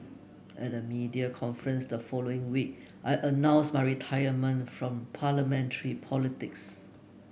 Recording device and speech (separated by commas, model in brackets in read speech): boundary microphone (BM630), read sentence